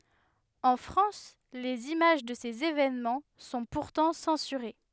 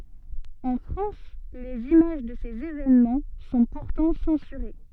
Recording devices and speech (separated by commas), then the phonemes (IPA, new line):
headset microphone, soft in-ear microphone, read sentence
ɑ̃ fʁɑ̃s lez imaʒ də sez evenmɑ̃ sɔ̃ puʁtɑ̃ sɑ̃syʁe